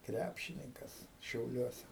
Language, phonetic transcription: Lithuanian, ˈkræpšininkas šiauˈliuose

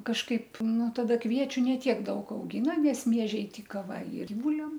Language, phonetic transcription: Lithuanian, kažˈkaip ˈnu taˈda ˈkviečiu ne ˈtiek ˈdaug auˈgyna nes ˈmiežiai ˈtyka va i ir ˈbūliam

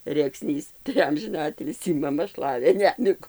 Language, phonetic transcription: Lithuanian, rėkˈsnys tai ˈamžina ˈatilsį maˈma ˈšlavė ˈnemigų

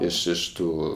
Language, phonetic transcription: Lithuanian, iš iš ˈtų

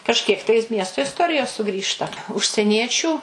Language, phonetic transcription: Lithuanian, kažˈkiek tai ˈmiesto isˈtorijos suˈgrįžta užseˈniečių

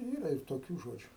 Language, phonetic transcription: Lithuanian, ˈyra ir toˈkių ˈžodžiu

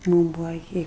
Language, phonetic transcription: Lithuanian, ˈmūm ˈbuva iˈki

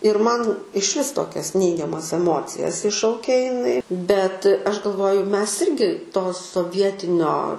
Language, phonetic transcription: Lithuanian, ir ˈman išˈvis ˈtokias ˈneigiamas eˈmocijas ˈiššaukia iˈnai bet ˈaš galˈvoju ˈmes ˈirgi to soˈvietinio

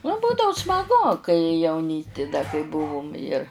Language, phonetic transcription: Lithuanian, nu ˈbūdau smaˈgu kai jauˈnysti da kai ˈbuvum ir

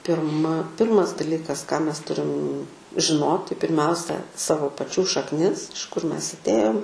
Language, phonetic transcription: Lithuanian, pirˈma ˈpirmas daˈlykas ką ˈmes ˈturim žiˈnoti pirˈmiausia ˈsavo paˈčių šakˈnis iš kur ˈmes atˈėjom

